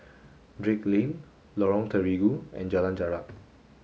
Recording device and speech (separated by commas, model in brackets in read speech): mobile phone (Samsung S8), read sentence